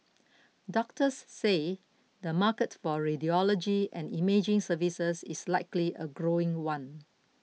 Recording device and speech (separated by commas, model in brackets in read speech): mobile phone (iPhone 6), read sentence